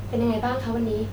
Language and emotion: Thai, neutral